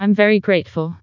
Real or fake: fake